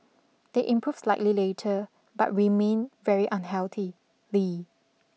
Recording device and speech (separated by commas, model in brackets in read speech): mobile phone (iPhone 6), read sentence